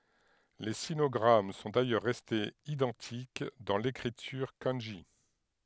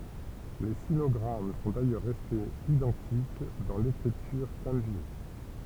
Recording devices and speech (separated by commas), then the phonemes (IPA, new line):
headset microphone, temple vibration pickup, read sentence
le sinɔɡʁam sɔ̃ dajœʁ ʁɛstez idɑ̃tik dɑ̃ lekʁityʁ kɑ̃ʒi